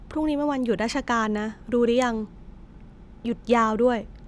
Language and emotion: Thai, neutral